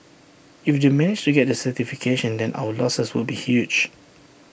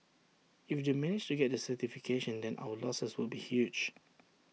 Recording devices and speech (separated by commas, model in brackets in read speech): boundary microphone (BM630), mobile phone (iPhone 6), read sentence